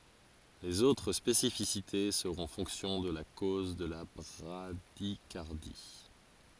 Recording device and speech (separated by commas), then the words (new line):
forehead accelerometer, read sentence
Les autres spécificités seront fonction de la cause de la bradycardie.